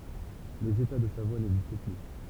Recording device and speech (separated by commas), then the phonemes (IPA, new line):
temple vibration pickup, read sentence
lez eta də savwa nɛɡzist ply